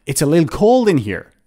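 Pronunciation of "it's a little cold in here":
The sentence is said really fast, and 'little' is shortened to 'lil', with no 'de' sound in the middle.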